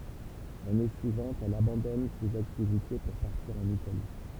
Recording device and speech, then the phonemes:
temple vibration pickup, read sentence
lane syivɑ̃t ɛl abɑ̃dɔn sez aktivite puʁ paʁtiʁ ɑ̃n itali

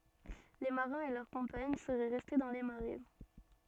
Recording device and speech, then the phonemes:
soft in-ear microphone, read sentence
le maʁɛ̃z e lœʁ kɔ̃paɲ səʁɛ ʁɛste dɑ̃ le maʁɛ

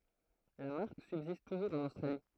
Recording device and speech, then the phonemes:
throat microphone, read sentence
la maʁk sybzist tuʒuʁz ɑ̃n ostʁali

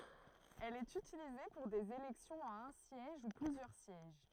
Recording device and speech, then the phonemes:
throat microphone, read sentence
ɛl ɛt ytilize puʁ dez elɛksjɔ̃z a œ̃ sjɛʒ u plyzjœʁ sjɛʒ

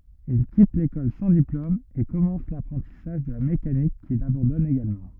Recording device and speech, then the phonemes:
rigid in-ear microphone, read sentence
il kit lekɔl sɑ̃ diplom e kɔmɑ̃s lapʁɑ̃tisaʒ də la mekanik kil abɑ̃dɔn eɡalmɑ̃

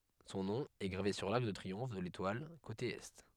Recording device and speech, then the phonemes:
headset microphone, read sentence
sɔ̃ nɔ̃ ɛ ɡʁave syʁ laʁk də tʁiɔ̃f də letwal kote ɛ

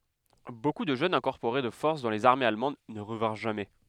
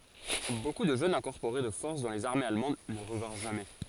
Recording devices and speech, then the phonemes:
headset microphone, forehead accelerometer, read sentence
boku də ʒøn ʒɑ̃ ɛ̃kɔʁpoʁe də fɔʁs dɑ̃ lez aʁmez almɑ̃d nə ʁəvɛ̃ʁ ʒamɛ

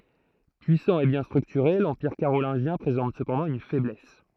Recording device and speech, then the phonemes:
throat microphone, read sentence
pyisɑ̃ e bjɛ̃ stʁyktyʁe lɑ̃piʁ kaʁolɛ̃ʒjɛ̃ pʁezɑ̃t səpɑ̃dɑ̃ yn fɛblɛs

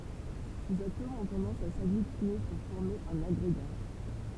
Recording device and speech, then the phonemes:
temple vibration pickup, read sentence
sez atomz ɔ̃ tɑ̃dɑ̃s a saɡlytine puʁ fɔʁme œ̃n aɡʁeɡa

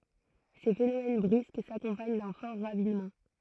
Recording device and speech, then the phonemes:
throat microphone, read sentence
se fenomɛn bʁysk sakɔ̃paɲ dœ̃ fɔʁ ʁavinmɑ̃

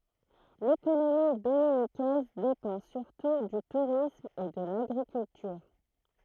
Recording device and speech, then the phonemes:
throat microphone, read sentence
lekonomi dominikɛz depɑ̃ syʁtu dy tuʁism e də laɡʁikyltyʁ

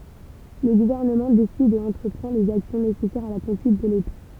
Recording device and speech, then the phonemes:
temple vibration pickup, read sentence
lə ɡuvɛʁnəmɑ̃ desid e ɑ̃tʁəpʁɑ̃ lez aksjɔ̃ nesɛsɛʁz a la kɔ̃dyit də leta

